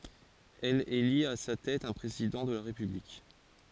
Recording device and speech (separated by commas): forehead accelerometer, read sentence